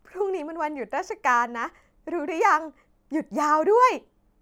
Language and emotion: Thai, happy